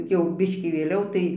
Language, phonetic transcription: Lithuanian, jau ˈbiškį vėˈliau tai

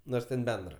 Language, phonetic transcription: Lithuanian, ˈnors ten ˈbendra

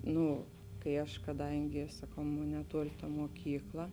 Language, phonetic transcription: Lithuanian, ˈnū kai ˈaš kaˈdangi saˈkau ˈmon neˈtuoli ta moˈkykla

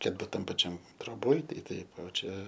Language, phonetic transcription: Lithuanian, kad ˈbūt ˈtam paˈčiam troˈboj tai ˈtaip o ˈčia

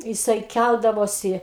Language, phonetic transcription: Lithuanian, jiˈsai ˈkældavosi

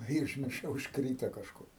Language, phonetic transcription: Lithuanian, i užmirˈšau užkˈryto kažˈkur

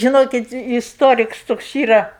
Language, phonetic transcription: Lithuanian, žiˈnokit isˈtoriks ˈtoks ˈyra

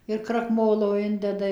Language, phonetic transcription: Lithuanian, ir krakˈmolo ˈindeda

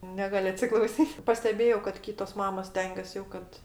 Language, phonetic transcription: Lithuanian, ˈnegal' atsiklauˈsyt' pasteˈbėjau kad ˈkytos ˈmamos ˈstengias jau ˈkad

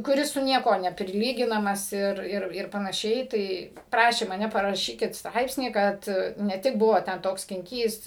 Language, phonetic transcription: Lithuanian, kuˈris su ˈniekuo nepriˈlyginamas ˈir ˈir ir panaˈšiai ˈtai ˈprašė maˈne paraˈšykit ˈstraipsnį ˈkad ne ˈtik ˈbuvo ten ˈtoks skinˈkys

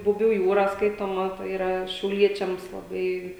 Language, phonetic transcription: Lithuanian, buˈbių ˈjūra ˈskaitoma tai yˈra šiauˈliečiams laˈbai

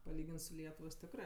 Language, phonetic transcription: Lithuanian, paˈlygins su ˈlietuvos ˈtikrɜ

